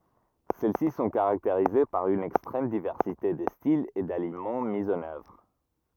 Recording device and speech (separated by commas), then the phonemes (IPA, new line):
rigid in-ear microphone, read sentence
sɛl si sɔ̃ kaʁakteʁize paʁ yn ɛkstʁɛm divɛʁsite də stilz e dalimɑ̃ mi ɑ̃n œvʁ